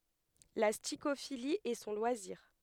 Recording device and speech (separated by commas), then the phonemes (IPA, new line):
headset microphone, read sentence
la stikofili ɛ sɔ̃ lwaziʁ